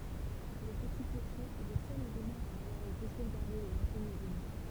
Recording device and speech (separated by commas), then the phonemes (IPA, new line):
temple vibration pickup, read sentence
lə pəti kloʃe ɛ lə sœl elemɑ̃ a avwaʁ ete sovɡaʁde də lɑ̃sjɛn eɡliz